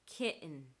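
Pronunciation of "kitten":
In 'kitten', the double t is not a fully aspirated t. It is replaced by a glottal stop.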